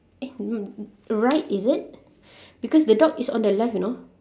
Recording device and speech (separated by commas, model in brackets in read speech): standing microphone, conversation in separate rooms